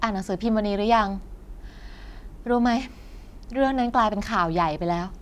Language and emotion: Thai, frustrated